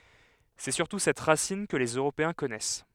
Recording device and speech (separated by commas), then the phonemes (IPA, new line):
headset microphone, read sentence
sɛ syʁtu sɛt ʁasin kə lez øʁopeɛ̃ kɔnɛs